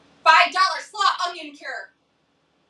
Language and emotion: English, angry